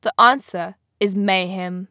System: none